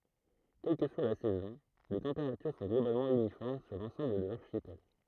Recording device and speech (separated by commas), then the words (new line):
throat microphone, read sentence
Quelle que soit la saison, les températures sont globalement uniformes sur l'ensemble de l'archipel.